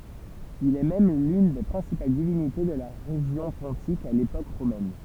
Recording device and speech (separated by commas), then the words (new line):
temple vibration pickup, read sentence
Il est même l'une des principales divinités de la région pontique à l'époque romaine.